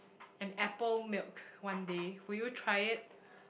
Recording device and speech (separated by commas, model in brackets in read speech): boundary microphone, conversation in the same room